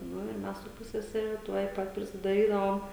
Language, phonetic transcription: Lithuanian, ˈnu ir ˈmes su ˈpussesere ˈtuoj ˈpat prisidaˈrydavom

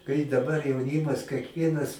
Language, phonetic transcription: Lithuanian, kai daˈbar jauˈnimas kekˈvienas

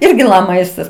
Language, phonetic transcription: Lithuanian, ˈirgi la ˈmaistas

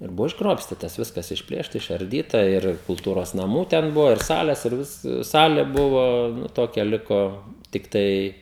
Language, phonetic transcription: Lithuanian, ir ˈbuvo išˈgrobstytas ˈviskas išˈplėšta išarˈdyta ˈir kulˈtūros naˈmų ten ˈbuvo ir ˈsales ir ˈvis ˈsale ˈbuvo ˈnu ˈtokia ˈliko tikˈtai

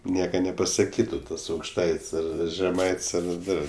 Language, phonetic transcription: Lithuanian, ˈnieka nepasaˈkytu tas aukšˈtaits' ˈar žeˈmaits' ar ˈdar

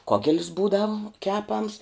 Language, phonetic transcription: Lithuanian, ˈkogel's ˈbūdavu ˈkepams

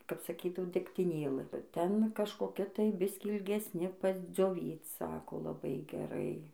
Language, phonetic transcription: Lithuanian, kap saˈkydavo degtiˈnėlɨ ˈten kažkoˈkia tai ˈbiskį ilgesˈni pasdzioˈvyc ˈsako laˈbai geˈrai

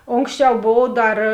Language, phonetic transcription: Lithuanian, ˈonksˌčiau ˈbov ˈdar

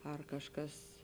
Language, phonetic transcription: Lithuanian, ar kažˈkas

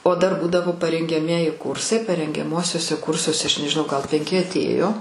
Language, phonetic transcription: Lithuanian, o ˈdar ˈbūdavo parengiaˈmieji ˈkursai parengiaˈmuosiuose ˈkursuose ˈaš nežiˈnau ˈgal penˈki atˈėjo

